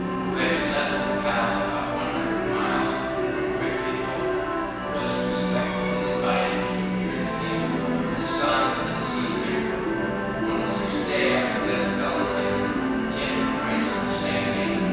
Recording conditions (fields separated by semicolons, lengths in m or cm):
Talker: one person; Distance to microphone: 7.1 m; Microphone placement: far; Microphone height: 1.7 m; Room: very reverberant, large; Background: television